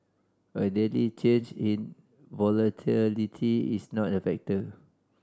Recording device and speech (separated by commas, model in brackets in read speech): standing microphone (AKG C214), read sentence